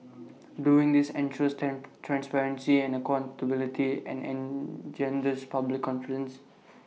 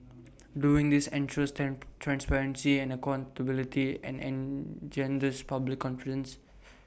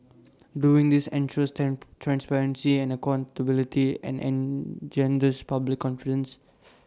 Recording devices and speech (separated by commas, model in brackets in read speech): mobile phone (iPhone 6), boundary microphone (BM630), standing microphone (AKG C214), read sentence